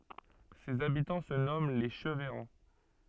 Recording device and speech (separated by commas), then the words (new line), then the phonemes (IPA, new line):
soft in-ear microphone, read sentence
Ses habitants se nomment les Cheveyrands.
sez abitɑ̃ sə nɔmɑ̃ le ʃəvɛʁɑ̃